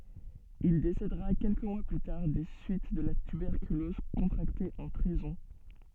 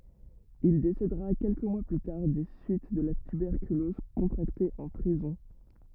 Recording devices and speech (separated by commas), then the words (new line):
soft in-ear microphone, rigid in-ear microphone, read sentence
Il décédera quelques mois plus tard des suites de la tuberculose contractée en prison.